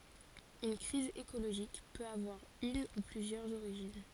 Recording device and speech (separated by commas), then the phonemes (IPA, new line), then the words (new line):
forehead accelerometer, read sentence
yn kʁiz ekoloʒik pøt avwaʁ yn u plyzjœʁz oʁiʒin
Une crise écologique peut avoir une ou plusieurs origines.